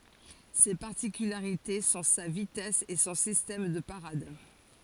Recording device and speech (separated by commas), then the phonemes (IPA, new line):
forehead accelerometer, read sentence
se paʁtikylaʁite sɔ̃ sa vitɛs e sɔ̃ sistɛm də paʁad